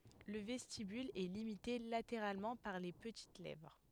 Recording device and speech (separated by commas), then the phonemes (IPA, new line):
headset microphone, read sentence
lə vɛstibyl ɛ limite lateʁalmɑ̃ paʁ le pətit lɛvʁ